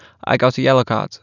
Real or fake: real